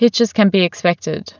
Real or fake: real